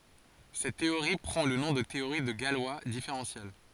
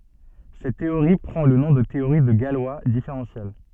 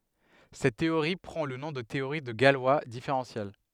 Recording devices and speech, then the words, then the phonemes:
forehead accelerometer, soft in-ear microphone, headset microphone, read sentence
Cette théorie prend le nom de théorie de Galois différentielle.
sɛt teoʁi pʁɑ̃ lə nɔ̃ də teoʁi də ɡalwa difeʁɑ̃sjɛl

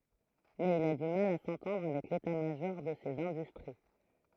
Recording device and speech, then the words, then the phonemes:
throat microphone, read sentence
Mais il a du mal à s'entendre avec l'état-major de ces industries.
mɛz il a dy mal a sɑ̃tɑ̃dʁ avɛk leta maʒɔʁ də sez ɛ̃dystʁi

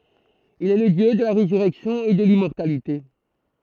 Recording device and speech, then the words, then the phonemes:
throat microphone, read sentence
Il est le dieu de la résurrection et de l'immortalité.
il ɛ lə djø də la ʁezyʁɛksjɔ̃ e də limmɔʁtalite

